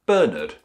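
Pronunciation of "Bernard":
'Bernard' is said the British English way, sounding like 'Berned' (B-E-R-N-E-D).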